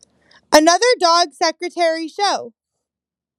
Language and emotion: English, neutral